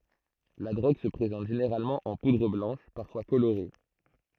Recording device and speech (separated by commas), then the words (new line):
throat microphone, read sentence
La drogue se présente généralement en poudre blanche, parfois colorée.